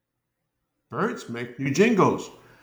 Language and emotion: English, happy